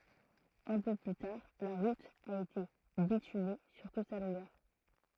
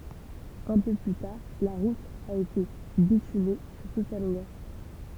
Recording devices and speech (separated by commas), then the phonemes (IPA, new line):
throat microphone, temple vibration pickup, read sentence
œ̃ pø ply taʁ la ʁut a ete bityme syʁ tut sa lɔ̃ɡœʁ